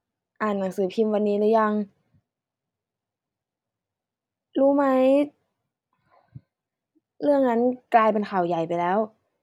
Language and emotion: Thai, neutral